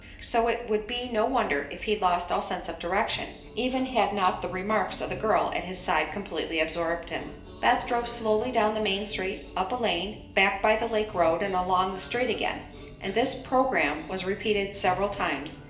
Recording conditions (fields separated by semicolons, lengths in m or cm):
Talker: one person; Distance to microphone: 1.8 m; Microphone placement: close; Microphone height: 1.0 m; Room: large; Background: music